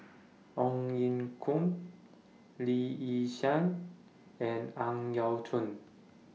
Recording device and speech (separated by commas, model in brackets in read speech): mobile phone (iPhone 6), read sentence